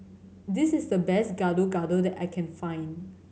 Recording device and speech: mobile phone (Samsung C7100), read sentence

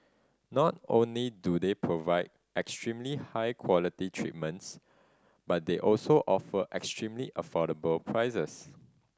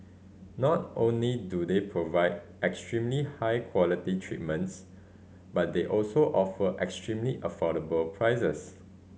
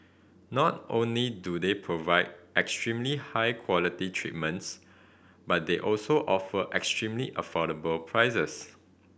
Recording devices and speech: standing microphone (AKG C214), mobile phone (Samsung C5010), boundary microphone (BM630), read sentence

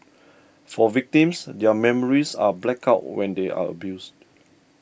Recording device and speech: boundary microphone (BM630), read sentence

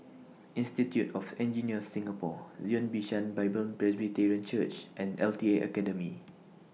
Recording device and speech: mobile phone (iPhone 6), read sentence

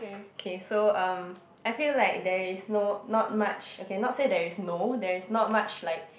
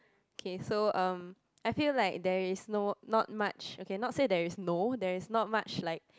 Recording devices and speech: boundary microphone, close-talking microphone, conversation in the same room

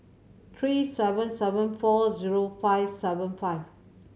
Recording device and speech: mobile phone (Samsung C7100), read sentence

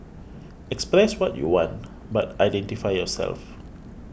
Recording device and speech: boundary microphone (BM630), read sentence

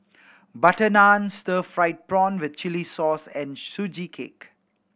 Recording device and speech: boundary microphone (BM630), read sentence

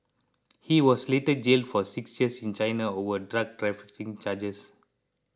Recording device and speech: close-talking microphone (WH20), read sentence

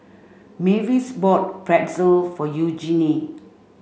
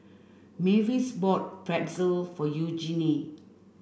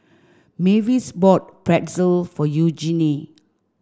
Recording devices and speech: mobile phone (Samsung C5), boundary microphone (BM630), standing microphone (AKG C214), read sentence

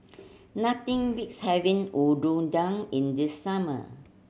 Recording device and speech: mobile phone (Samsung C7100), read sentence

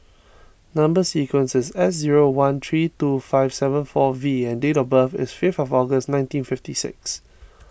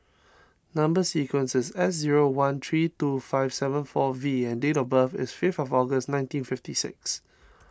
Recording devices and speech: boundary microphone (BM630), standing microphone (AKG C214), read sentence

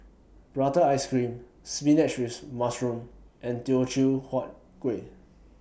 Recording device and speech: boundary microphone (BM630), read sentence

